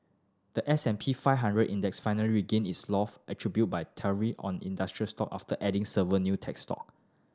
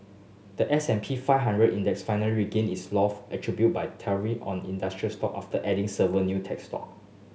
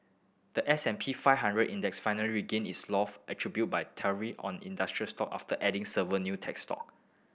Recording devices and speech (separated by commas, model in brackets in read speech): standing microphone (AKG C214), mobile phone (Samsung S8), boundary microphone (BM630), read sentence